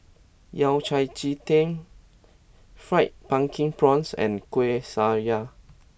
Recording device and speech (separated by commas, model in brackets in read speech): boundary microphone (BM630), read sentence